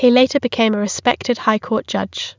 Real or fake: real